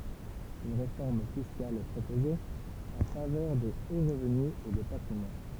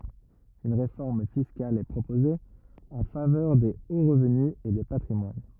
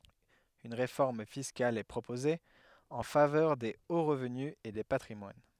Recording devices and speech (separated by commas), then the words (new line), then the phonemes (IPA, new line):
temple vibration pickup, rigid in-ear microphone, headset microphone, read sentence
Une réforme fiscale est proposée, en faveur des hauts revenus et des patrimoines.
yn ʁefɔʁm fiskal ɛ pʁopoze ɑ̃ favœʁ de o ʁəvny e de patʁimwan